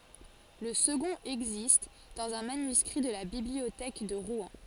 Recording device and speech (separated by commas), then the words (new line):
forehead accelerometer, read sentence
Le second existe dans un manuscrit de la Bibliothèque de Rouen.